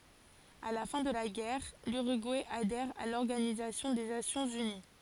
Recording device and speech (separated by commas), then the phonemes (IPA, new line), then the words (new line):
forehead accelerometer, read sentence
a la fɛ̃ də la ɡɛʁ lyʁyɡuɛ adɛʁ a lɔʁɡanizasjɔ̃ de nasjɔ̃z yni
À la fin de la guerre, l'Uruguay adhère à l'Organisation des Nations unies.